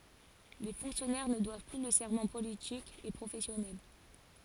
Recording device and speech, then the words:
forehead accelerometer, read sentence
Les fonctionnaires ne doivent plus le serment politique et professionnel.

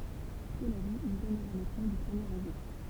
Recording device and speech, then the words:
temple vibration pickup, read sentence
Cela dit, il donnera les plans du premier Réseau.

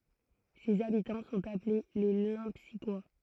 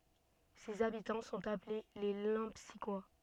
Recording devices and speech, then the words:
throat microphone, soft in-ear microphone, read sentence
Ses habitants sont appelés les Lempsiquois.

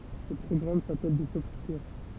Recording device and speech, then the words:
temple vibration pickup, read sentence
Ces programmes s'appellent des Softkickers.

